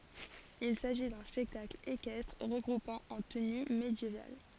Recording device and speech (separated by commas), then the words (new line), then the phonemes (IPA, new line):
forehead accelerometer, read sentence
Il s'agit d'un spectacle équestre regroupant en tenue médiévale.
il saʒi dœ̃ spɛktakl ekɛstʁ ʁəɡʁupɑ̃ ɑ̃ təny medjeval